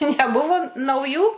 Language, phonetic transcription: Lithuanian, neˈbuvo nauˈjų

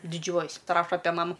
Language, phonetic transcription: Lithuanian, diˈdžiuojas' paˈraša ˈape ˈmamu

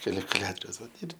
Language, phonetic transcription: Lithuanian, kalikuˈliatoriaus ˈvat ir

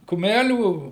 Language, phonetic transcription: Lithuanian, kuˈmælių

